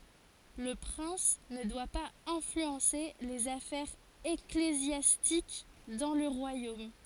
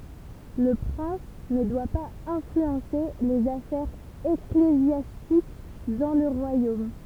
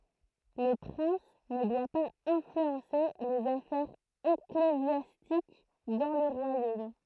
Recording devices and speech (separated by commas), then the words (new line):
forehead accelerometer, temple vibration pickup, throat microphone, read sentence
Le prince ne doit pas influencer les affaires ecclésiastiques dans le royaume.